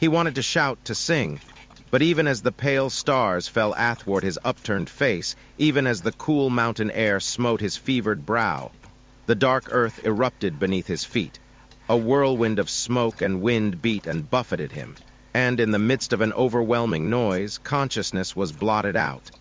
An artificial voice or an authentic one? artificial